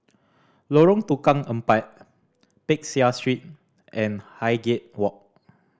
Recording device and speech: standing microphone (AKG C214), read sentence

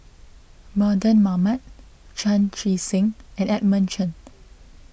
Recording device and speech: boundary microphone (BM630), read sentence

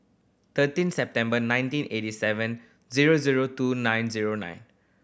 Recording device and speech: boundary microphone (BM630), read sentence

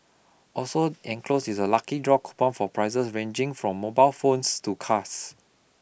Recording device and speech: boundary microphone (BM630), read sentence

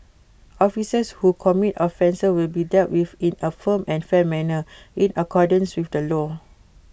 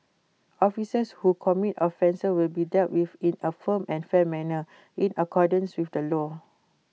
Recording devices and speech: boundary microphone (BM630), mobile phone (iPhone 6), read sentence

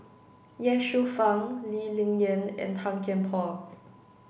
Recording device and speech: boundary microphone (BM630), read sentence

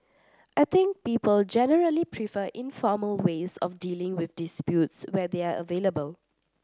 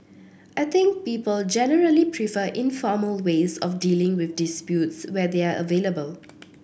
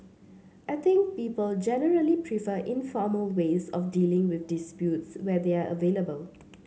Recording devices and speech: standing microphone (AKG C214), boundary microphone (BM630), mobile phone (Samsung C7), read sentence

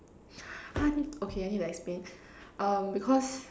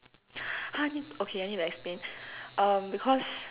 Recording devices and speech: standing microphone, telephone, conversation in separate rooms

